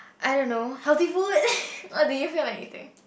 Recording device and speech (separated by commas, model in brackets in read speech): boundary microphone, conversation in the same room